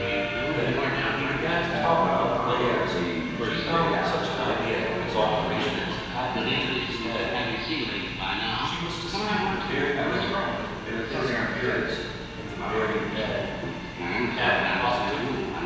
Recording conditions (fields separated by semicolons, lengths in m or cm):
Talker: one person; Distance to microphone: 7.1 m; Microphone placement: far; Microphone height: 1.7 m; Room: very reverberant, large; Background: television